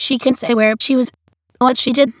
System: TTS, waveform concatenation